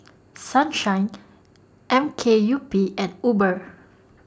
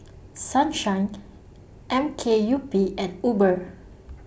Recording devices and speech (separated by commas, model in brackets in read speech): standing microphone (AKG C214), boundary microphone (BM630), read sentence